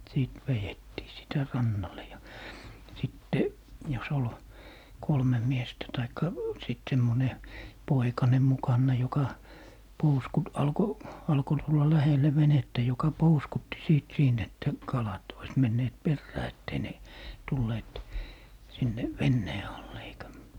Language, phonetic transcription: Finnish, 'sìt 'vejettii sitä 'rannale ja , 'sitte , jos ‿ol , "kolmem' miestä 'taikka , sit 'semmone , "poikane 'mukanna joka , 'pouskut- , 'alko , 'alko tulla 'lähelle "venettä joka "pouskutti 'siit 'siint ‿että , 'kalat , ois 'menneet "perrää ettei ne , 'tulleet , sinne , "vennee alle eikä ,.
- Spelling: sitten vedettiin sitä rannalle ja sitten jos oli kolme miestä tai sitten semmoinen poikanen mukana joka - alkoi alkoi tulla lähelle venettä joka pouskutti siitä siitä että kalat olisi menneet perään että ei ne tulleet sinne veneen alle eikä

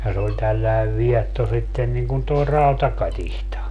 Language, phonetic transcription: Finnish, ja se oĺ 'tälläev "viɛtto sitten niŋ kun toi "rautakatihta .
- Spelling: ja se oli tällainen vietto sitten niin kun tuo rautakatiska

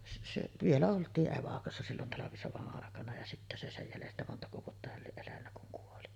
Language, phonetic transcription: Finnish, se se , 'vielä olt̀ii’ '’evakossa sillon "talavisova’ ’àekana ja sittä se "sej 'jälestä montako vuotta häl 'lieˀ 'ˀelännä kuŋ kuoli .
- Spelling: se se vielä oltiin evakossa silloin talvisodan aikana ja sitten se sen jäljestä montako vuotta hän lie elänyt kun kuoli

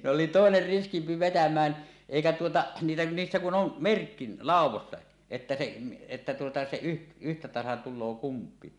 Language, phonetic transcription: Finnish, se ‿oli tòener 'riskimpi "vetäm̀ään , èikä tuotaˀ , niille , 'niissä kun ‿on , "merkki , "làuw̆wosta , että se , että tuota se yh- , yhtä 'tasan tul̆loo "kump̀ii .
- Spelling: se oli toinen riskimpi vetämään eikä tuota niille niissä kun on merkki laudoista että se että tuota se - yhtä tasan tulee kumpiakin

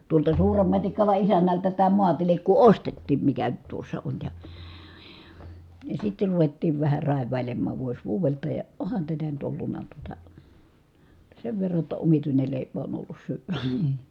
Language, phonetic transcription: Finnish, tuolta Suurem Matikkala isännältä tää muatilikku ostettiim mikä nyt tuossa on ja , ja sitter ruvettiiv vähä ràev̆vài̮lemmaav vuos vuuvelta ja , ohan tätä nyt ollunna tuota , [jot]ta sev verra ‿tta omituinel lèipä on ollus syyvÄ .
- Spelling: tuolta Suuren Matikkalan isännältä tämä maatilkku ostettiin mikä nyt tuossa on ja ja sitten ruvettiin vähän raivailemaan vuosi vuodelta ja onhan tätä nyt ollut tuota jotta sen verran jotta omituinen leipä on ollut syödä

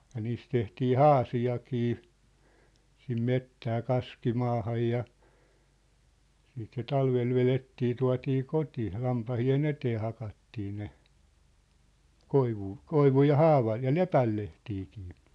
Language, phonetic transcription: Finnish, ja 'niis 'tehtii "haasi₍akii , sim "mettää 'kaski'maahaj ja , siit se 'talvel velettii 'tua̭tii "koti , 'lampahi₍e"n ‿etee 'hakattii ne , "koivuu , "koivuj ja "haavaj ja "lepäl 'lehtiikɪɪ .
- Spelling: ja niistä tehtiin haasiakin sinne metsään kaskimaahan ja siitä se talvella vedettiin tuotiin koti lampaiden eteen hakattiin ne koivua koivun ja haavan ja lepän lehtiäkin

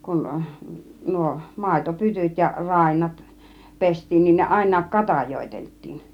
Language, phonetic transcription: Finnish, kun 'nuo , 'màito 'pytyt ja nuo 'ràinnat , 'pest̆tiin nin , 'niin ne 'àin̆naak "katajoitelt̆tiin .
- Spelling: kun nuo - maitopytyt ja nuo rainnat pestiin niin niin ne ainakin katajoiteltiin

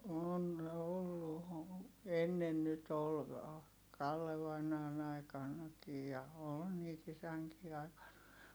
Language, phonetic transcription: Finnish, on ollu o- , ennen nyt ‿ol , Kalle vainaan ‿aikannakij ja , ool niit isäŋkii ai̮kan .
- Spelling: on ollut - ennen nyt oli Kalle vainaan aikanakin ja oli niitä isänkin aikana

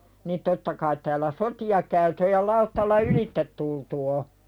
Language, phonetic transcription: Finnish, nin 'totta kait tääl̆lä "soti₍a käytʸ ᵒʲ ja 'lauttalla "ylit-tet tultu o .
- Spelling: niin totta kai täällä sotia käyty on ja lautalla ylitse tultu on

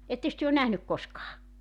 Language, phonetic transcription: Finnish, "etteks työ on "nähnyk 'koskaa ?
- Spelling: ettekös te ole nähnyt koskaan

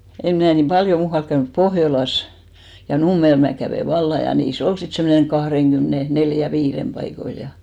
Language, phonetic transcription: Finnish, em 'mnä̀ nim "paljo 'muuhalk käynyp , 'Pohjolas , ja 'Nummel mää 'kävè "valla , ja 'nii"s ‿ol sit semmoneŋ 'kahreŋɢymne 'neljä 'viirem paikoil ja .
- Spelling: en minä niin paljon muualla käynyt Pohjolassa ja Nummella minä kävin vallan ja niissä oli sitten semmoinen kahdenkymmenen neljän viiden paikoilla ja

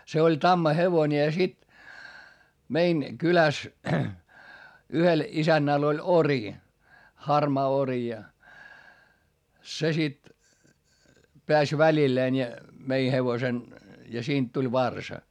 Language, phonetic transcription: Finnish, se oĺ tammahevońe ja sit , mein , kyläs , yhel isännäl ‿oĺ ori , harmaa ori ja , se sit , peäs välilleen ja , mei hevosen , ja siint tuĺ varsa .
- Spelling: se oli tammahevonen ja sitten meidän kylässä yhdellä isännällä oli ori harmaa ori ja se sitten pääsi välilleen ja myi hevosen ja siitä tuli varsa

